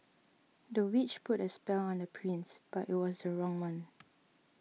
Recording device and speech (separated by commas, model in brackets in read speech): mobile phone (iPhone 6), read sentence